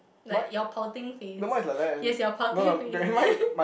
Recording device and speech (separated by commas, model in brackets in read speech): boundary microphone, conversation in the same room